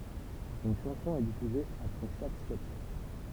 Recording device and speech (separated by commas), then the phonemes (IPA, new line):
temple vibration pickup, read sentence
yn ʃɑ̃sɔ̃ ɛ difyze apʁɛ ʃak skɛtʃ